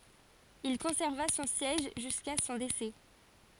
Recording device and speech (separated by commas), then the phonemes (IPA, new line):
forehead accelerometer, read sentence
il kɔ̃sɛʁva sɔ̃ sjɛʒ ʒyska sɔ̃ desɛ